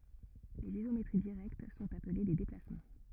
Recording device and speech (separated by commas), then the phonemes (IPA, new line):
rigid in-ear microphone, read sentence
lez izometʁi diʁɛkt sɔ̃t aple de deplasmɑ̃